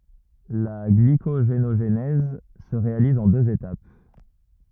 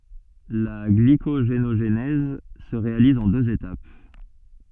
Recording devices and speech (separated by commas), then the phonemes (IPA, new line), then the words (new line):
rigid in-ear microphone, soft in-ear microphone, read sentence
la ɡlikoʒenoʒnɛz sə ʁealiz ɑ̃ døz etap
La glycogénogenèse se réalise en deux étapes.